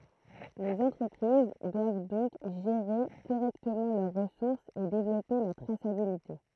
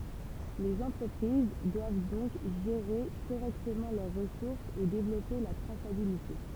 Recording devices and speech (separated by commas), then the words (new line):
throat microphone, temple vibration pickup, read sentence
Les entreprises doivent donc gérer correctement leurs ressources et développer la traçabilité.